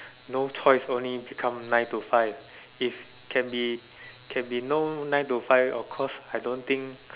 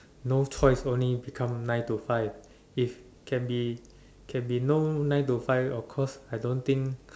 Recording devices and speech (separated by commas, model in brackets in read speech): telephone, standing microphone, conversation in separate rooms